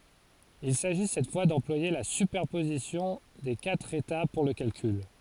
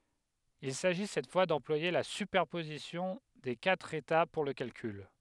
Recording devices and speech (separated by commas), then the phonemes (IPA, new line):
forehead accelerometer, headset microphone, read sentence
il saʒi sɛt fwa dɑ̃plwaje la sypɛʁpozisjɔ̃ de katʁ eta puʁ lə kalkyl